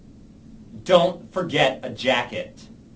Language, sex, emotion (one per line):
English
male
angry